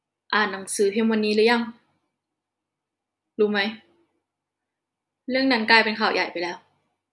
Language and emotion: Thai, frustrated